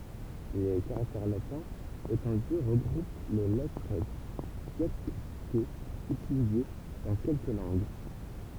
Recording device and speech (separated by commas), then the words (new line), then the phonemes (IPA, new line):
temple vibration pickup, read sentence
Les caractères latins étendus regroupent les lettres diacritées utilisées dans quelques langues.
le kaʁaktɛʁ latɛ̃z etɑ̃dy ʁəɡʁup le lɛtʁ djakʁitez ytilize dɑ̃ kɛlkə lɑ̃ɡ